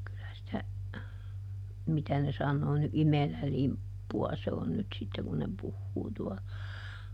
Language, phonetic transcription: Finnish, kylä sⁱtä , ˈmitä ne sannoo ny "imelälimppu₍a se on nyt ˈsitte kun ne ˈpuhhuu tuɔ(la) .
- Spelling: kyllä sitä mitä ne sanoo nyt imelälimppua se on nyt sitten kun ne puhuu tuolla

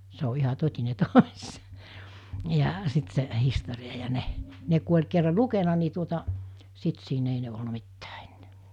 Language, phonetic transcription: Finnish, se o 'iha 'tot́ine "toś , ja , 'sit se , 'histori₍a ja 'ne , ne ku oĺ kerra "lukena ni tuota , 'sit siin ‿ei (ne) olna 'mittää 'en[ää] .
- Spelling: se on ihan totinen tosi ja sitten se historia ja ne ne kun oli kerran lukenut niin tuota sitten siinä ei ne ollut mitään enää

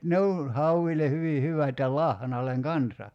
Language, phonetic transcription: Finnish, "ne on̬ , 'hauvile 'hyvi 'hyvät ja 'lahnal̆leŋ "kansa .
- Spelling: ne on hauille hyvin hyvät ja lahnalle kanssa

